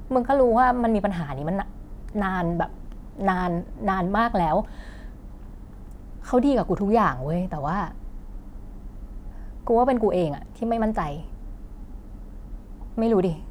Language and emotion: Thai, frustrated